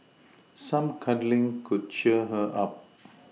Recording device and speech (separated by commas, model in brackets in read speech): mobile phone (iPhone 6), read sentence